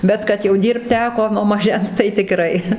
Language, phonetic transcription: Lithuanian, bet kad jau ˈdyrbt ˈteko nuo maˈžens tai tiˈkrai

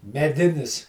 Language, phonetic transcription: Lithuanian, meˈdinis

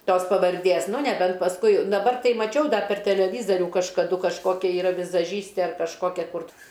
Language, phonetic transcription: Lithuanian, ˈtos pavarˈdės ˈnu neˈbent pasˈkui daˈbar ˈtai maˈčiau ˈdar per teleˈvyzariu kažkaˈdu kažˈkokia yˈra vizaˈžystė ar kažˈkokia ˈkur

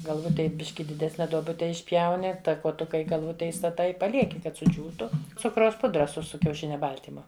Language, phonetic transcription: Lithuanian, galˈvutėj ˈbiški diˈdesne duoˈbute išˈpjauni ta kuoˈtuka į galˈvute įstaˈtai i paˈlieki kad suˈdžiūtu ˈcukraus ˈpudra su su kiauˈšinia ˈbal'tymu

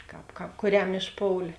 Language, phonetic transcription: Lithuanian, ˈkāp ˈkāp kuˈriam išˈpoulė

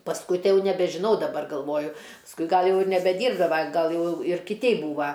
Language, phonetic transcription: Lithuanian, pasˈkui ˈtai ˈjau nebežiˈnau daˈbar galˈvoju pasˈkui ˈgal ˈjau ir nebeˈdyrbdava ˈgal ˈjau ir kiˈtei ˈbūva

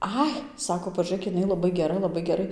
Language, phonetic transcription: Lithuanian, ˈai ˈsako pažūˈrėk jiˈnai laˈbai geˈra laˈbai geˈrai

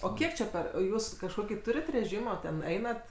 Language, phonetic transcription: Lithuanian, o ˈkiek čia ˈper o ˈjūs kažˈkokį ˈtūrit reˈžymo ten ˈeinat

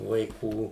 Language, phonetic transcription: Lithuanian, vaiˈkų

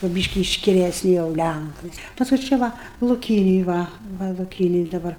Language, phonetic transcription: Lithuanian, kur ˈbyški iškileˈsni jau ˈlænkai ˈpaskui ˈčia ˈva luˈkynėj ˈva ˈva luˈkynėj daˈbar

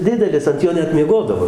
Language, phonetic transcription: Lithuanian, ˈdidelis ant ˈjo ˈnet mieˈgodavo

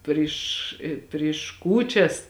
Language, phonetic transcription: Lithuanian, ˈpriš i priš ˈkūčias

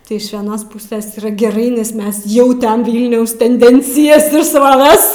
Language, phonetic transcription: Lithuanian, ˈtai iš vieˈnos ˈpuses yˈra geˈrai nes ˈmes ˈjau ˈten ˈvylniaus tenˈdencijas ir sroˈves

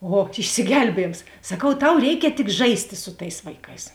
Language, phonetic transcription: Lithuanian, ˈo išsiˈgelbiejėms saˈkau ˈtau ˈreikia tik ˈžaisti su ˈtais vaiˈkais

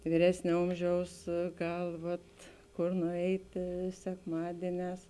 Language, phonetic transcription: Lithuanian, vyˈresnė ˈomˌžiaus ˈgal ˈvat ˈkor nuˈeitė sekˈmadieˌnēs

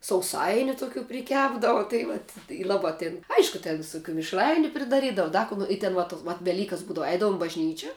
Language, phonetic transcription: Lithuanian, sauˈsainiu tuˈkių priˈkepdava tai ˈvat i ˈlaba tėn ˈaišku ten visuˈkių mišˈrainiu pridaˈrydavu ˈda ko no i ten va tos vat veˈlykas ˈbūdavu ˈeidavum i bažˈnyčia

